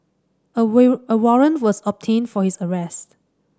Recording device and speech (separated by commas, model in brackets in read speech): standing microphone (AKG C214), read sentence